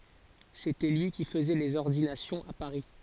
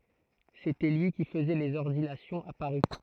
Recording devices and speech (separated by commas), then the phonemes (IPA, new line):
forehead accelerometer, throat microphone, read sentence
setɛ lyi ki fəzɛ lez ɔʁdinasjɔ̃z a paʁi